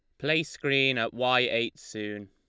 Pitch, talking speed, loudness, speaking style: 125 Hz, 175 wpm, -27 LUFS, Lombard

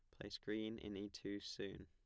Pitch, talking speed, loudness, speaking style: 100 Hz, 215 wpm, -48 LUFS, plain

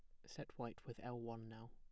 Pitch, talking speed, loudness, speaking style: 115 Hz, 245 wpm, -52 LUFS, plain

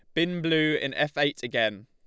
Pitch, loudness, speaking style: 150 Hz, -26 LUFS, Lombard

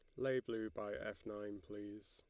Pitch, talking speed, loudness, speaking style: 105 Hz, 190 wpm, -45 LUFS, Lombard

